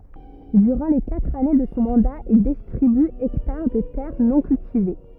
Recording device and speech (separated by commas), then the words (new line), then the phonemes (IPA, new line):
rigid in-ear microphone, read sentence
Durant les quatre années de son mandat, il distribue hectares de terres non cultivées.
dyʁɑ̃ le katʁ ane də sɔ̃ mɑ̃da il distʁiby ɛktaʁ də tɛʁ nɔ̃ kyltive